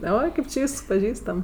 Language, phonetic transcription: Lithuanian, ˈoi ˈkaip či ˈvysks paˈžįstam

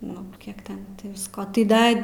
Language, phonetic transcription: Lithuanian, nu ˈkiek ˈten ti visˈko tai ˈda

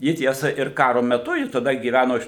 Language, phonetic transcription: Lithuanian, ˈji ˈtiesa ir ˈkaro meˈtu ˈji taˈda gyˈvæno iš

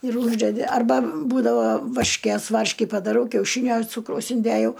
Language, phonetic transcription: Lithuanian, ir ˈūždedi arˈba ˈbūdavo varšˈkės ˈvarški padaˈrau kiauˈšynio ˈcūkraus inˈdėjau

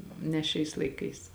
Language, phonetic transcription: Lithuanian, ne ˈšiais laiˈkais

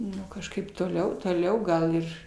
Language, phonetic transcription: Lithuanian, ˈnu kažˈkaip toˈliau toˈliau ˈgal ir

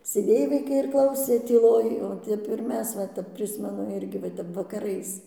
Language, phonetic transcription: Lithuanian, sėˈdėj vaiˈkai ir ˈklausė tyˈloj o ˈtep ir ˈmes va ˈtep ˈprismenu ˈirgi va ˈtep vakaˈrais

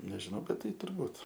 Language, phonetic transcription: Lithuanian, nežiˈnau ˈbet ˈtai turˈbūt

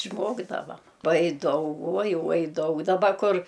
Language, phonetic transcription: Lithuanian, išˈmokdavam ˈuoj ˈdaug ˈuoj ˈuoj ˈdaug daˈba ˈkur

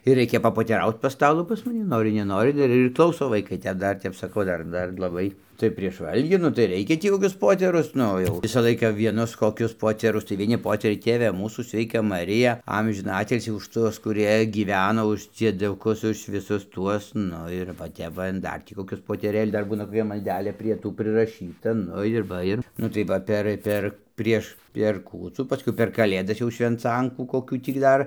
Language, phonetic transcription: Lithuanian, ir ˈreikia papoteˈraut pas ˈstalų pas maˈni ˈnorɨ neˈnorɨ ir ir ˈklauso vaiˈkai tep ˈdar tep saˈkau ˈdar ˈdar laˈbai tai prieš ˈvalgį nu tai ˈreikia ˈtį koˈkius ˈpoterus ˈnu jau ˈvisa ˈlaiką vieˈnus koˈkius ˈpoterus tai vieˈni ˈpoteriai ˈtėve ˈmūsų sveiˈka maˈrija ˈamžiną ˈatilsį už ˈtuos kuˈrie gyˈveno už dzieduˈkus už viˈsus ˈtuos ˈnu ir va ˈtep va in ˈdar ˈtį koˈkius poteˈrėlius ˈdar ˈbūna koˈkia malˈdelė prie ˈtų priraˈšyta ˈnu ir ˈva ir nu tai ˈva ˈper ˈper ˈprieš per ˈkūcų paˈskui per kaˈlėdas jau švenˈcankų koˈkių tį ˈdar

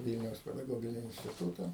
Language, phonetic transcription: Lithuanian, ˈvylniaus pedaˈgogini instiˈtūta

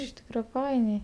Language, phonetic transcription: Lithuanian, iš ˈtykra ˈfainiai

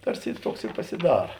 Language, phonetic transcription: Lithuanian, ˈtarˌsi i ˈtuoks i pasiˈdara

